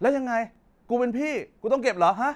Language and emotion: Thai, angry